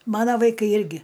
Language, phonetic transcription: Lithuanian, ˈmana vaiˈkai ˈirgi

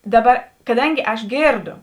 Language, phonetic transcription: Lithuanian, ˈdaˌba kaˈdangi ˈaš ˈgėrˌdo

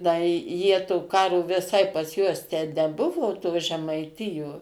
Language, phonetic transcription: Lithuanian, ˈda i ˈjie to ˈkaro viˈsai pas ˈjuos tę neˈbuvo to žemaiˈtijo

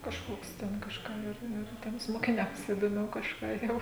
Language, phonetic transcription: Lithuanian, kažˈkoks ˈten kažˈką ˈir ir ˈtiems mokiˈniams idoˈmiau kažˈką jau

